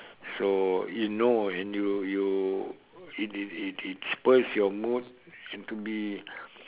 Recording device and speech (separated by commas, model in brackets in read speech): telephone, conversation in separate rooms